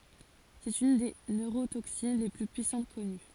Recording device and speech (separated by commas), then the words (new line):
forehead accelerometer, read sentence
C'est une des neurotoxines les plus puissantes connues.